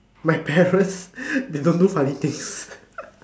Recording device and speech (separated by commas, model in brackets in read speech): standing microphone, conversation in separate rooms